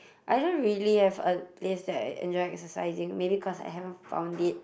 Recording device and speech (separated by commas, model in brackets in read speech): boundary microphone, conversation in the same room